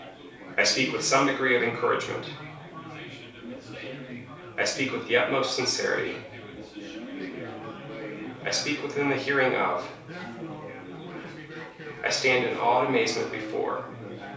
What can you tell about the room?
A small space (about 3.7 m by 2.7 m).